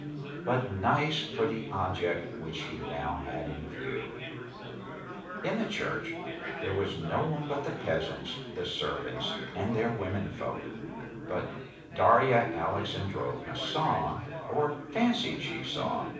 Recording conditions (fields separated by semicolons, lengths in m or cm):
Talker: one person; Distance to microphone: 5.8 m; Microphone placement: far; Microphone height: 1.8 m; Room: medium-sized (5.7 m by 4.0 m); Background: babble